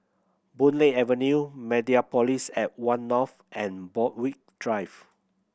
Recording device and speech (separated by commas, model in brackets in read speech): boundary microphone (BM630), read sentence